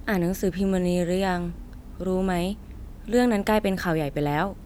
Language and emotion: Thai, neutral